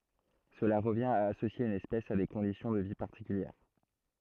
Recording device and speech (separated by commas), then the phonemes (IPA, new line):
throat microphone, read sentence
səla ʁəvjɛ̃t a asosje yn ɛspɛs a de kɔ̃disjɔ̃ də vi paʁtikyljɛʁ